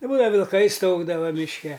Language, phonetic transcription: Lithuanian, i ˈbūdava vilˈkai ˈstaugdava mišˈke

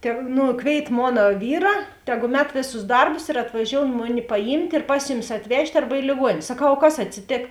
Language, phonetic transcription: Lithuanian, te ˈnu ˈkvėit ˈmona ˈvyra ˈteˌgu ˈmet ˈvėˌsus ˈdarbus ir atvaˈžioun ˈmuˌni paˈjymt' ir ˈpas juˌmis atˈvežt' arba i lėˈguonėn' saˈkau o ˈkas atsiˈtėk

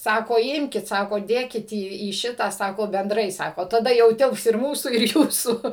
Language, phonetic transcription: Lithuanian, ˈsako ˈimkit ˈsako ˈdėkit į į ˈšitą ˈsako benˈdrai ˈsako taˈda jau ˈtilps ir ˈmūsų ir ˈjūsų

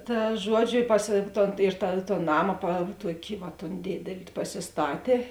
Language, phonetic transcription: Lithuanian, ˈta ˈžuoˌdžiu i pas ˈton ir ta ˈton ˈnama pa ˈtuoki vat ton ˈdėdeli pasisˈtatė

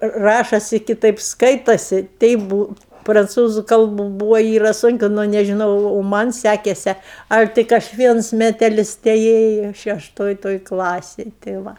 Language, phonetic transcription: Lithuanian, ˈrašosi kiˈtaip ˈskaitosi ˈteip ˈbū pranˈcūzu ˈkalbu ˈbūvo ˈyra ˈsunki nu nežiˈnau o ˈmanˈ sækese ˈal' ˈtik aš ˈviens meteˈlis teˈėju šešˈtoj ˈtoj ˈklasėj tė ˈva

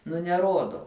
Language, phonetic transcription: Lithuanian, nu neˈrodo

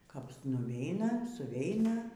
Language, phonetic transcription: Lithuanian, kap nuˈveina suˈveina

